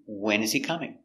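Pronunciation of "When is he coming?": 'When is he coming?' is said with no contraction. The stress is on 'When', and the h in 'he' is silent.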